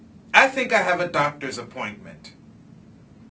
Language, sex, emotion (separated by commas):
English, male, angry